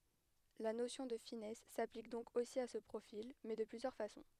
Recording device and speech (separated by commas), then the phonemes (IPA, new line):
headset microphone, read sentence
la nosjɔ̃ də finɛs saplik dɔ̃k osi a sə pʁofil mɛ də plyzjœʁ fasɔ̃